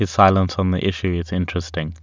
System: none